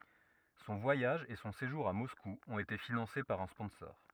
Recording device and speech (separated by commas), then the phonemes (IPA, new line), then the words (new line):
rigid in-ear microphone, read sentence
sɔ̃ vwajaʒ e sɔ̃ seʒuʁ a mɔsku ɔ̃t ete finɑ̃se paʁ œ̃ spɔ̃sɔʁ
Son voyage et son séjour à Moscou ont été financés par un sponsor.